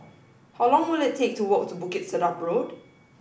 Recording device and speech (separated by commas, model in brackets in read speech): boundary microphone (BM630), read sentence